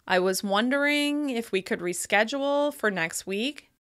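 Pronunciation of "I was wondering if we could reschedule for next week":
The sentence is said with tentative-sounding intonation that comes across as uncertain.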